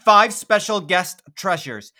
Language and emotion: English, neutral